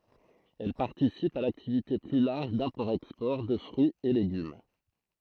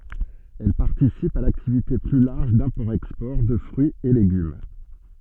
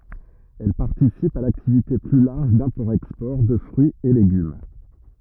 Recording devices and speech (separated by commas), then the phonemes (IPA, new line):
throat microphone, soft in-ear microphone, rigid in-ear microphone, read sentence
ɛl paʁtisipt a laktivite ply laʁʒ dɛ̃pɔʁtɛkspɔʁ də fʁyiz e leɡym